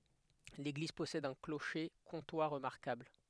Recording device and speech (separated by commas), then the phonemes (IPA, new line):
headset microphone, read sentence
leɡliz pɔsɛd œ̃ kloʃe kɔ̃twa ʁəmaʁkabl